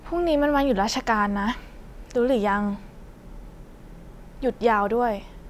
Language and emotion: Thai, frustrated